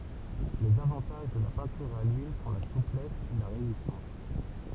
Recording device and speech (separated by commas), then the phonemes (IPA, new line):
temple vibration pickup, read sentence
lez avɑ̃taʒ də la pɛ̃tyʁ a lyil sɔ̃ la suplɛs e la ʁezistɑ̃s